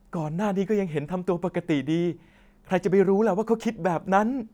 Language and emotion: Thai, sad